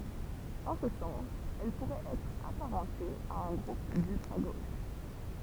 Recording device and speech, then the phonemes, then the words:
temple vibration pickup, read sentence
ɑ̃ sə sɑ̃s ɛl puʁɛt ɛtʁ apaʁɑ̃te a œ̃ ɡʁup dyltʁa ɡoʃ
En ce sens, elle pourrait être apparentée à un groupe d'ultra-gauche.

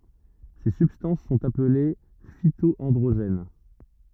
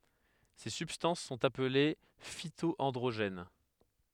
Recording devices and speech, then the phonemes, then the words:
rigid in-ear microphone, headset microphone, read sentence
se sybstɑ̃s sɔ̃t aple fito ɑ̃dʁoʒɛn
Ces substances sont appelées phyto-androgènes.

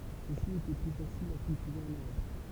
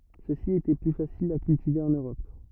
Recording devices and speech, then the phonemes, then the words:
temple vibration pickup, rigid in-ear microphone, read sentence
søksi etɛ ply fasilz a kyltive ɑ̃n øʁɔp
Ceux-ci étaient plus faciles à cultiver en Europe.

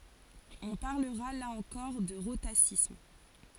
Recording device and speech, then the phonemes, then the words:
forehead accelerometer, read sentence
ɔ̃ paʁləʁa la ɑ̃kɔʁ də ʁotasism
On parlera là encore de rhotacisme.

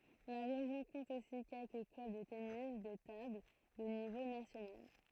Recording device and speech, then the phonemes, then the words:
throat microphone, read sentence
la ʁeʒjɔ̃ kɔ̃t osi kɛlkə klœb də tenis də tabl də nivo nasjonal
La région compte aussi quelques clubs de tennis de table de niveau national.

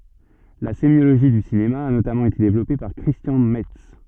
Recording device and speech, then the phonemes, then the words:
soft in-ear microphone, read sentence
la semjoloʒi dy sinema a notamɑ̃ ete devlɔpe paʁ kʁistjɑ̃ mɛts
La sémiologie du cinéma a notamment été développée par Christian Metz.

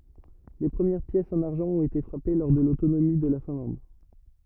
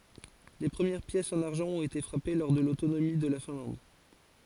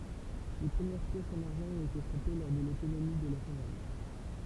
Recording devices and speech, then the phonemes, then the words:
rigid in-ear microphone, forehead accelerometer, temple vibration pickup, read sentence
le pʁəmjɛʁ pjɛsz ɑ̃n aʁʒɑ̃ ɔ̃t ete fʁape lɔʁ də lotonomi də la fɛ̃lɑ̃d
Les premières pièces en argent ont été frappées lors de l'autonomie de la Finlande.

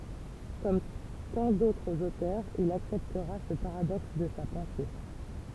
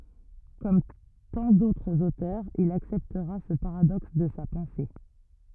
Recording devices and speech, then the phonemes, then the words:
temple vibration pickup, rigid in-ear microphone, read sentence
kɔm tɑ̃ dotʁz otœʁz il aksɛptʁa sə paʁadɔks də sa pɑ̃se
Comme tant d'autres auteurs, il acceptera ce paradoxe de sa pensée.

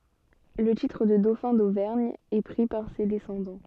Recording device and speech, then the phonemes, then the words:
soft in-ear microphone, read sentence
lə titʁ də dofɛ̃ dovɛʁɲ ɛ pʁi paʁ se dɛsɑ̃dɑ̃
Le titre de dauphin d'Auvergne est pris par ses descendants.

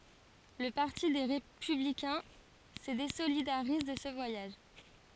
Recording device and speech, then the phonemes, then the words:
forehead accelerometer, read sentence
lə paʁti de ʁepyblikɛ̃ sə dezolidaʁiz də sə vwajaʒ
Le parti des Républicains se désolidarise de ce voyage.

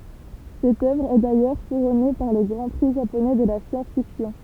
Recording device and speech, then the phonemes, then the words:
temple vibration pickup, read sentence
sɛt œvʁ ɛ dajœʁ kuʁɔne paʁ lə ɡʁɑ̃ pʁi ʒaponɛ də la sjɑ̃sfiksjɔ̃
Cette œuvre est d'ailleurs couronnée par le Grand Prix japonais de la science-fiction.

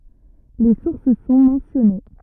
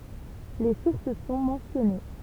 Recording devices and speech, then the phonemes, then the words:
rigid in-ear microphone, temple vibration pickup, read sentence
le suʁs sɔ̃ mɑ̃sjɔne
Les sources sont mentionnées.

